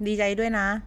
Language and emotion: Thai, frustrated